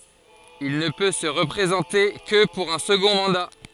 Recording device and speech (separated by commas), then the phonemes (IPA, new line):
forehead accelerometer, read sentence
il nə pø sə ʁəpʁezɑ̃te kə puʁ œ̃ səɡɔ̃ mɑ̃da